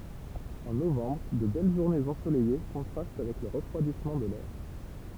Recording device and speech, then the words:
temple vibration pickup, read sentence
En novembre, de belles journées ensoleillées contrastent avec le refroidissement de l’air.

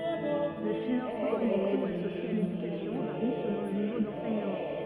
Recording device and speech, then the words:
rigid in-ear microphone, read sentence
Le financement et les coûts associés à l'éducation varient selon le niveau d'enseignement.

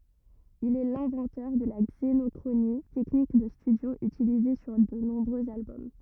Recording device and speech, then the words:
rigid in-ear microphone, read sentence
Il est l'inventeur de la xénochronie, technique de studio utilisée sur de nombreux albums.

